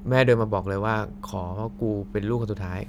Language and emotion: Thai, neutral